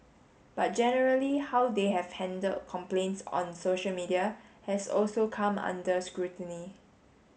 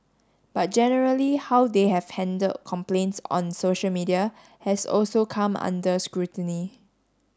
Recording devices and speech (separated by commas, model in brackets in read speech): mobile phone (Samsung S8), standing microphone (AKG C214), read sentence